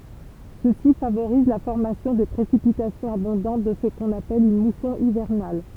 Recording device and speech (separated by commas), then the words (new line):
temple vibration pickup, read sentence
Ceci favorise la formation de précipitations abondantes dans ce qu'on appelle une mousson hivernale.